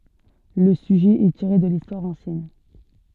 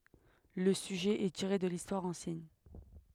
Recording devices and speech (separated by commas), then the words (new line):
soft in-ear microphone, headset microphone, read sentence
Le sujet est tiré de l'histoire ancienne.